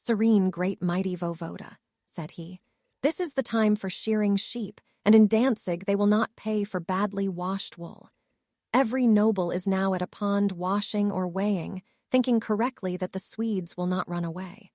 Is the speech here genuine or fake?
fake